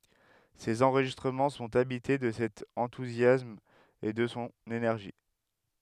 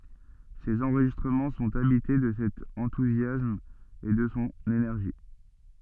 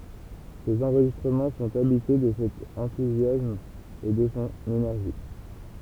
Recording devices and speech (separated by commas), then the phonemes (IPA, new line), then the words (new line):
headset microphone, soft in-ear microphone, temple vibration pickup, read sentence
sez ɑ̃ʁʒistʁəmɑ̃ sɔ̃t abite də sɛt ɑ̃tuzjasm e də sɔ̃ enɛʁʒi
Ses enregistrements sont habités de cet enthousiasme et de son énergie.